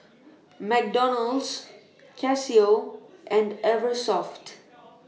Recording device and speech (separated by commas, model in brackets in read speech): mobile phone (iPhone 6), read sentence